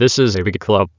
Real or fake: fake